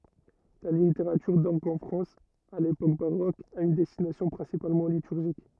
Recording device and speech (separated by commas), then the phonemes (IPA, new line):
rigid in-ear microphone, read sentence
la liteʁatyʁ dɔʁɡ ɑ̃ fʁɑ̃s a lepok baʁok a yn dɛstinasjɔ̃ pʁɛ̃sipalmɑ̃ lityʁʒik